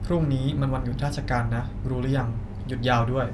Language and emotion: Thai, neutral